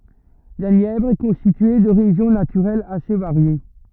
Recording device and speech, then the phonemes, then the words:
rigid in-ear microphone, read sentence
la njɛvʁ ɛ kɔ̃stitye də ʁeʒjɔ̃ natyʁɛlz ase vaʁje
La Nièvre est constituée de régions naturelles assez variées.

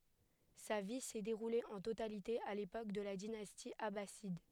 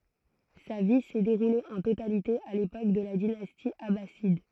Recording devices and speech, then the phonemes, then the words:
headset microphone, throat microphone, read sentence
sa vi sɛ deʁule ɑ̃ totalite a lepok də la dinasti abasid
Sa vie s'est déroulée en totalité à l'époque de la dynastie abbasside.

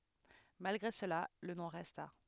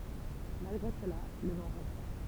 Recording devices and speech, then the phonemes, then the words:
headset microphone, temple vibration pickup, read sentence
malɡʁe səla lə nɔ̃ ʁɛsta
Malgré cela, le nom resta.

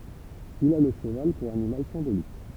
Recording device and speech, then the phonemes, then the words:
temple vibration pickup, read sentence
il a lə ʃəval puʁ animal sɛ̃bolik
Il a le cheval pour animal symbolique.

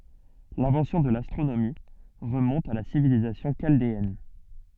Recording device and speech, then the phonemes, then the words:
soft in-ear microphone, read sentence
lɛ̃vɑ̃sjɔ̃ də lastʁonomi ʁəmɔ̃t a la sivilizasjɔ̃ ʃaldeɛn
L'invention de l'astronomie remonte à la civilisation chaldéenne.

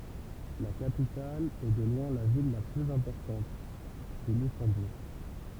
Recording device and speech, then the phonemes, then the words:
temple vibration pickup, read sentence
la kapital e də lwɛ̃ la vil la plyz ɛ̃pɔʁtɑ̃t ɛ lyksɑ̃buʁ
La capitale, et de loin la ville la plus importante, est Luxembourg.

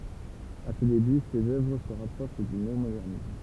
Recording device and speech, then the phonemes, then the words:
temple vibration pickup, read sentence
a se deby sez œvʁ sə ʁapʁoʃ dy neomodɛʁnism
À ses débuts, ses œuvres se rapprochent du néomodernisme.

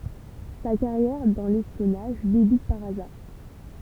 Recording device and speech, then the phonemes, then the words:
temple vibration pickup, read sentence
sa kaʁjɛʁ dɑ̃ lɛspjɔnaʒ debyt paʁ azaʁ
Sa carrière dans l'espionnage débute par hasard.

